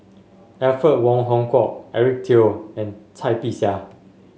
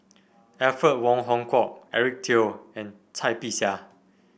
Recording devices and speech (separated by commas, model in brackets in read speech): mobile phone (Samsung S8), boundary microphone (BM630), read sentence